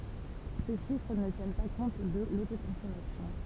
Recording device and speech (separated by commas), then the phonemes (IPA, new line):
temple vibration pickup, read sentence
se ʃifʁ nə tjɛn pa kɔ̃t də lotokɔ̃sɔmasjɔ̃